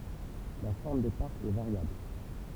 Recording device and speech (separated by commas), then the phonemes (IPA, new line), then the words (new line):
temple vibration pickup, read sentence
la fɔʁm de paʁkz ɛ vaʁjabl
La forme des parcs est variable.